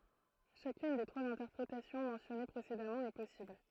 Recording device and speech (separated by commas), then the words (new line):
throat microphone, read sentence
Chacune des trois interprétations mentionnées précédemment est possible.